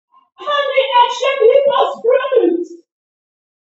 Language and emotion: English, happy